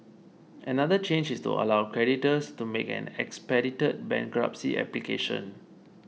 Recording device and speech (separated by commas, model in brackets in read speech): mobile phone (iPhone 6), read sentence